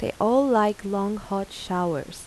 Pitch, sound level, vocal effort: 200 Hz, 84 dB SPL, soft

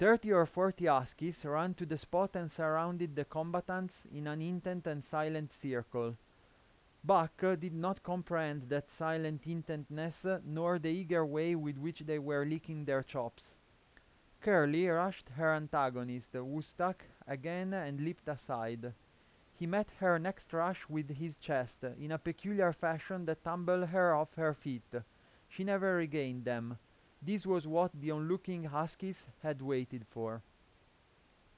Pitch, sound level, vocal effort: 160 Hz, 89 dB SPL, loud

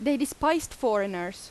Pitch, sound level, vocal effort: 270 Hz, 87 dB SPL, loud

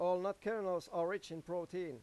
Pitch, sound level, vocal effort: 180 Hz, 97 dB SPL, loud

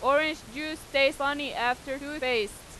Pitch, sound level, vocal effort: 275 Hz, 95 dB SPL, very loud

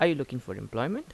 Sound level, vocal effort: 84 dB SPL, normal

